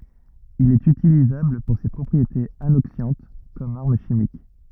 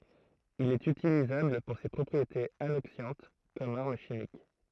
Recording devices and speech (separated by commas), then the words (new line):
rigid in-ear microphone, throat microphone, read sentence
Il est utilisable pour ses propriétés anoxiantes comme arme chimique.